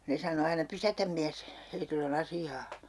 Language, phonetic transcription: Finnish, 'ne sano 'aina » "pysätäm miäs , 'heitill ‿o'n ‿asi₍aa » .
- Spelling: ne sanoi aina pysäytä mies heillä on asiaa

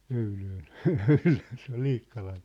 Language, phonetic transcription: Finnish, » 'öylöön , ja 'öylöön̬ « se ‿ol 'Liikkalan̬ .
- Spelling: öylöön ja öylöön se oli Liikkalan

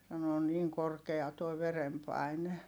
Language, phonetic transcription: Finnish, sano » on niiŋ korkea toi verempài̮ne » .
- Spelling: sanoi on niin korkea tuo verenpaine

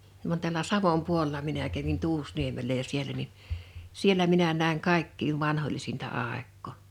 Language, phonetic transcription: Finnish, van täl̆lä "Savom 'puolᵉla minä kävin "Tuusniemellä ja 'sielä ni , 'siellä minä 'nä̀iŋ "kaikkiiv "vanhoĺlisinta 'àekko̳ .
- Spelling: vaan tällä Savon puolella minä kävin Tuusniemellä ja siellä niin siellä minä näin kaikkein vanhoillisinta aikaa

